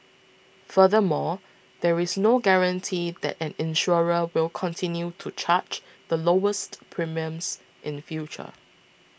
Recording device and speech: boundary microphone (BM630), read sentence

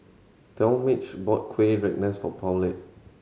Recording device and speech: mobile phone (Samsung C7100), read sentence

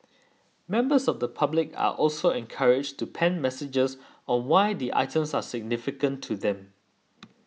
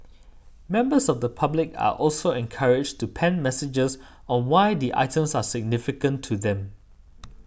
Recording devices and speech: mobile phone (iPhone 6), boundary microphone (BM630), read sentence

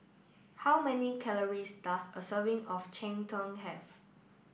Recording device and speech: boundary microphone (BM630), read sentence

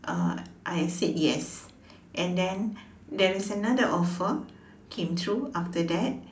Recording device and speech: standing microphone, conversation in separate rooms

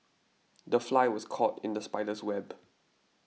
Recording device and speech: mobile phone (iPhone 6), read sentence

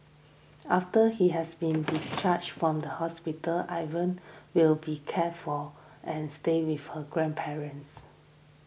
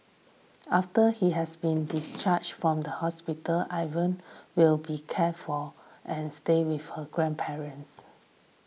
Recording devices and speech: boundary microphone (BM630), mobile phone (iPhone 6), read sentence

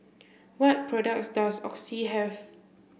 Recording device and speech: boundary microphone (BM630), read sentence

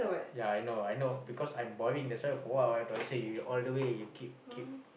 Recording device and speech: boundary microphone, conversation in the same room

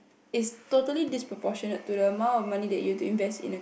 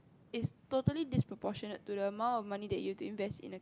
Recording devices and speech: boundary microphone, close-talking microphone, conversation in the same room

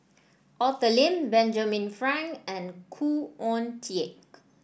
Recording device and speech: boundary microphone (BM630), read sentence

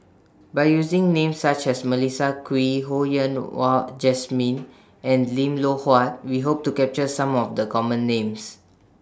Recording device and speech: standing microphone (AKG C214), read sentence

